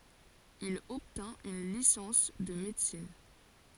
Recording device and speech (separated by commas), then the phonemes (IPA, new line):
forehead accelerometer, read sentence
il ɔbtɛ̃t yn lisɑ̃s də medəsin